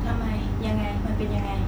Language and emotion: Thai, frustrated